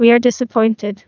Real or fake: fake